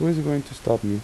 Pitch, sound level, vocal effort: 135 Hz, 82 dB SPL, soft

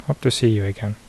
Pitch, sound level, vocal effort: 115 Hz, 72 dB SPL, soft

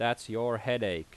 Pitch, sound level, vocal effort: 115 Hz, 88 dB SPL, loud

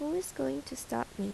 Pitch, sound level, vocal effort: 185 Hz, 78 dB SPL, soft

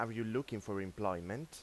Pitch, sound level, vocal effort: 110 Hz, 89 dB SPL, loud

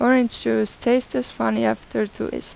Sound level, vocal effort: 85 dB SPL, normal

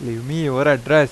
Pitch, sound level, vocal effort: 145 Hz, 91 dB SPL, normal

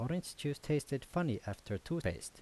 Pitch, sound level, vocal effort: 145 Hz, 80 dB SPL, normal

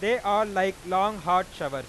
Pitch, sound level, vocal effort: 190 Hz, 102 dB SPL, loud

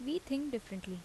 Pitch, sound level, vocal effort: 245 Hz, 78 dB SPL, normal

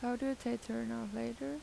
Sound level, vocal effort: 83 dB SPL, soft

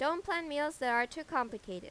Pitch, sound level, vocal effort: 275 Hz, 91 dB SPL, loud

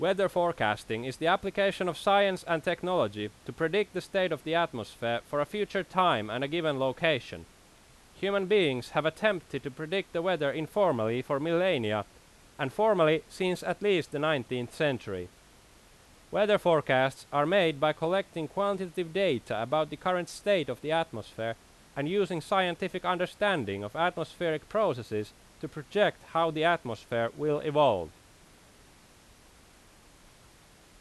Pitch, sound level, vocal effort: 155 Hz, 92 dB SPL, very loud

